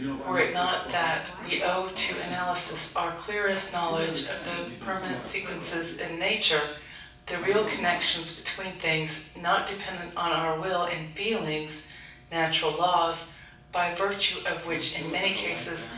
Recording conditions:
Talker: one person; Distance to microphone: 5.8 m; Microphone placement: far; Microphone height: 1.8 m; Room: medium-sized (5.7 m by 4.0 m); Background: television

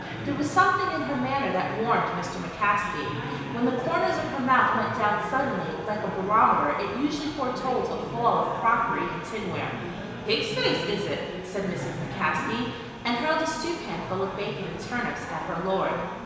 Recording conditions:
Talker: one person; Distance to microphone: 1.7 m; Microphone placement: close; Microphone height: 1.0 m; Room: very reverberant, large; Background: babble

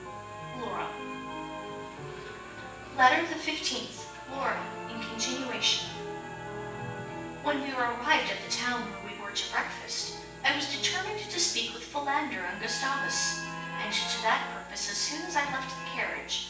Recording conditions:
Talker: one person; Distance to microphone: 9.8 m; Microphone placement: far; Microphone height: 1.8 m; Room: large; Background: television

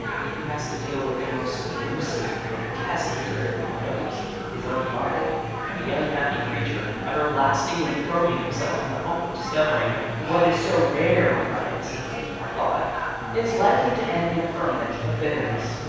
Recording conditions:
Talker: one person; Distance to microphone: 7.1 m; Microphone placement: far; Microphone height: 1.7 m; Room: very reverberant, large; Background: babble

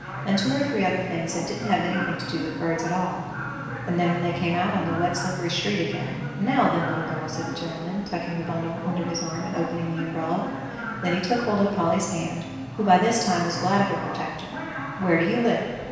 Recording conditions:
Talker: one person; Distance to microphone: 1.7 m; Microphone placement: close; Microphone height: 1.0 m; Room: very reverberant, large; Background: television

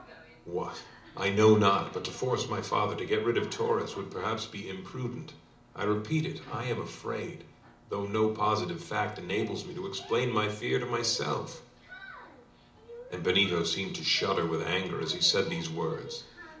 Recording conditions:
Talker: one person; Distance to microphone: 2.0 m; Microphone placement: close; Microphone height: 99 cm; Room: medium-sized (5.7 m by 4.0 m); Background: television

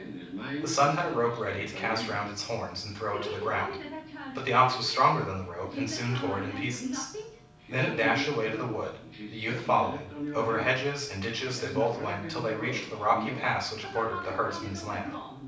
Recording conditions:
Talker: one person; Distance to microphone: 5.8 m; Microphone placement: far; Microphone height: 1.8 m; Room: medium-sized (5.7 m by 4.0 m); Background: television

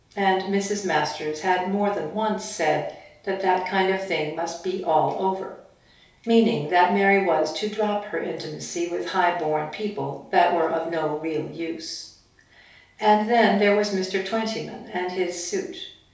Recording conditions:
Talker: one person; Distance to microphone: 3.0 m; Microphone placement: far; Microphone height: 1.8 m; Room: small (3.7 m by 2.7 m); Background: none

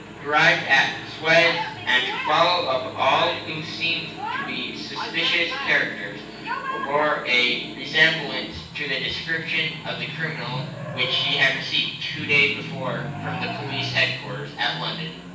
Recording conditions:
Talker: one person; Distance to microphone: 9.8 m; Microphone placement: far; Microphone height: 1.8 m; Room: large; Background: television

